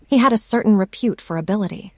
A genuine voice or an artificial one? artificial